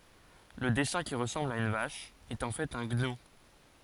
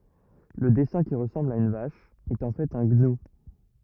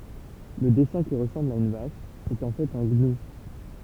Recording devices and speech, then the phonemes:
forehead accelerometer, rigid in-ear microphone, temple vibration pickup, read sentence
lə dɛsɛ̃ ki ʁəsɑ̃bl a yn vaʃ ɛt ɑ̃ fɛt œ̃ ɡnu

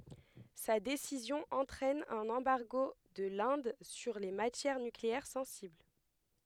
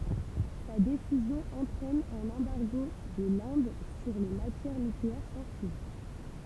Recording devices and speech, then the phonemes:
headset microphone, temple vibration pickup, read sentence
sa desizjɔ̃ ɑ̃tʁɛn œ̃n ɑ̃baʁɡo də lɛ̃d syʁ le matjɛʁ nykleɛʁ sɑ̃sibl

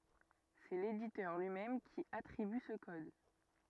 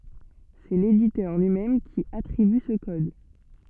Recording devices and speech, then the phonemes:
rigid in-ear microphone, soft in-ear microphone, read sentence
sɛ leditœʁ lyi mɛm ki atʁiby sə kɔd

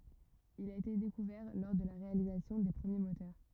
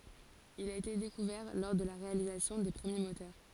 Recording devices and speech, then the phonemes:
rigid in-ear microphone, forehead accelerometer, read sentence
il a ete dekuvɛʁ lɔʁ də la ʁealizasjɔ̃ de pʁəmje motœʁ

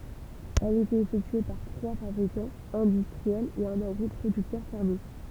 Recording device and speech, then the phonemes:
temple vibration pickup, read sentence
ɛl etɛt efɛktye paʁ tʁwa fabʁikɑ̃z ɛ̃dystʁiɛlz e œ̃n aɡʁipʁodyktœʁ fɛʁmje

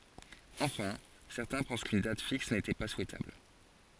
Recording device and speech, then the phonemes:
forehead accelerometer, read sentence
ɑ̃fɛ̃ sɛʁtɛ̃ pɑ̃s kyn dat fiks netɛ pa suɛtabl

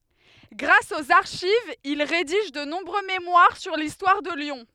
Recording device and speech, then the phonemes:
headset microphone, read sentence
ɡʁas oz aʁʃivz il ʁediʒ də nɔ̃bʁø memwaʁ syʁ listwaʁ də ljɔ̃

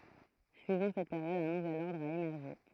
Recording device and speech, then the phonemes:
throat microphone, read sentence
syivɑ̃ sɛt peʁjɔd œ̃ nuvɛl ɔʁdʁ a emɛʁʒe

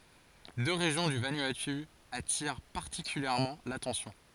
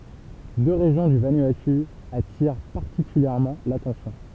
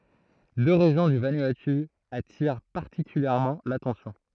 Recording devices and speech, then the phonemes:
forehead accelerometer, temple vibration pickup, throat microphone, read sentence
dø ʁeʒjɔ̃ dy vanuatu atiʁ paʁtikyljɛʁmɑ̃ latɑ̃sjɔ̃

